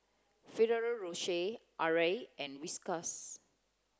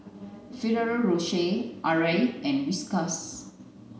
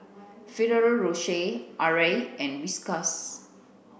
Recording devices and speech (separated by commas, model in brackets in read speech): close-talking microphone (WH30), mobile phone (Samsung C9), boundary microphone (BM630), read sentence